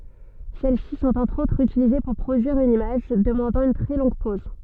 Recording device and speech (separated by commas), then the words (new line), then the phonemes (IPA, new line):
soft in-ear microphone, read sentence
Celles-ci sont entre autres utilisées pour produire une image demandant une très longue pose.
sɛl si sɔ̃t ɑ̃tʁ otʁz ytilize puʁ pʁodyiʁ yn imaʒ dəmɑ̃dɑ̃ yn tʁɛ lɔ̃ɡ pɔz